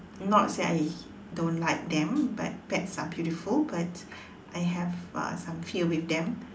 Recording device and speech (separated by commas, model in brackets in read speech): standing microphone, conversation in separate rooms